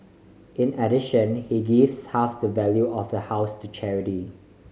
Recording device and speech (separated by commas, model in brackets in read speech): mobile phone (Samsung C5010), read sentence